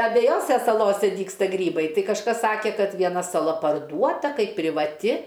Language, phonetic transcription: Lithuanian, abejˈose saˈlose ˈdygsta ˈgrybai ˈtai kažˈkas ˈsake kad vieˈna saˈla parˈduota ˈkaip privaˈti

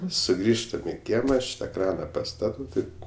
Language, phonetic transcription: Lithuanian, suˈgrįžtam i ˈkiema ˈaš ta ˈkrana paˈstatau ˈtaip

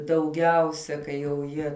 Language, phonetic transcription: Lithuanian, dauˈgiausia kai jau ˈjie

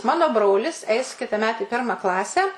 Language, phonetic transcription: Lithuanian, ˈmano ˈbrolis ˈeis kitaˈmet i ˈpirma ˈklasę

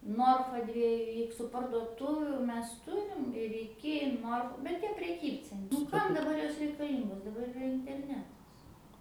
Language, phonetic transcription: Lithuanian, ˈnorfa ˈdvieju ˈiksu parduoˈtuvių ˈmes ˈturim ir iˈki ˈnorf bet ˈtie preˈkybcen nu ˈkam daˈbar ˈjos reikaˈlyngos daˈbar iˈra interˈnetas

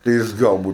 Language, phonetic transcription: Lithuanian, tai ˈjis ˈgal ˈbūtu

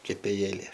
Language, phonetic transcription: Lithuanian, kepėˈjėlė

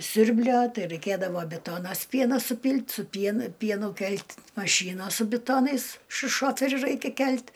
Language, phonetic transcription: Lithuanian, ˈsiurblio ˈtai raiˈkėdavo ˈbitonas ˈpieno suˈpylt' su ˈpienu ˈpienu ˈkelt' maˈšynos su biˈtonais šu ˈšoferiu ˈraikia ˈkelt'

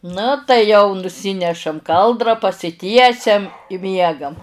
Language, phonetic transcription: Lithuanian, ˈnu tai jau nuˈsynešam ˈkaldra pasiˈtiesiam i ˈmiegam

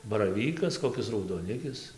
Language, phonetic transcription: Lithuanian, baraˈvykas koˈkis raudoˈnikis

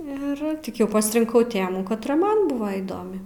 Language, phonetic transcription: Lithuanian, ir ˈtik ˈjau pasrinˈkau ˈtėmų katˈra ˈman ˈbuva įˈdomi

